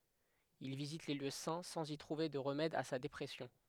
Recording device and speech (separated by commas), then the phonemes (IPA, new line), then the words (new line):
headset microphone, read sentence
il vizit le ljø sɛ̃ sɑ̃z i tʁuve də ʁəmɛd a sa depʁɛsjɔ̃
Il visite les lieux saints, sans y trouver de remède à sa dépression.